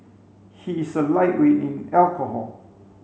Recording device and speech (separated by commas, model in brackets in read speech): mobile phone (Samsung C5), read sentence